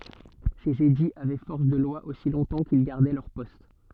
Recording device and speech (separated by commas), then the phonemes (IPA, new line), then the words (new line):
soft in-ear microphone, read sentence
sez ediz avɛ fɔʁs də lwa osi lɔ̃tɑ̃ kil ɡaʁdɛ lœʁ pɔst
Ces édits avaient force de loi aussi longtemps qu'ils gardaient leur poste.